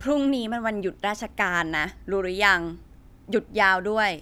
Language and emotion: Thai, frustrated